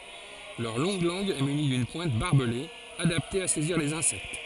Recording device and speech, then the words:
forehead accelerometer, read sentence
Leur longue langue est munie d'une pointe barbelée, adaptée à saisir les insectes.

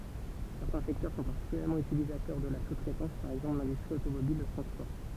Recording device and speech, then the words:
temple vibration pickup, read sentence
Certains secteurs sont particulièrement utilisateurs de la sous-traitance, par exemple l'industrie automobile, le transport.

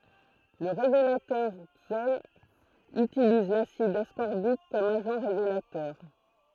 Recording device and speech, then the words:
throat microphone, read sentence
Le révélateur Xtol utilise l'acide ascorbique comme agent révélateur.

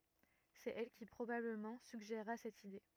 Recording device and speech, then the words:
rigid in-ear microphone, read sentence
C'est elle qui, probablement, suggéra cette idée.

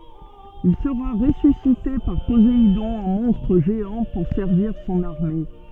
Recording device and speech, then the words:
soft in-ear microphone, read sentence
Il sera ressuscité par Poséidon en monstre géant pour servir son armée.

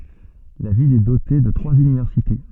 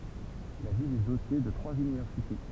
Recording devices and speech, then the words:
soft in-ear microphone, temple vibration pickup, read sentence
La ville est dotée de trois universités.

